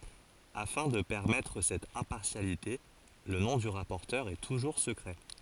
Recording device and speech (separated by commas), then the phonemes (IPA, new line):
forehead accelerometer, read sentence
afɛ̃ də pɛʁmɛtʁ sɛt ɛ̃paʁsjalite lə nɔ̃ dy ʁapɔʁtœʁ ɛ tuʒuʁ səkʁɛ